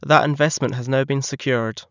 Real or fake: real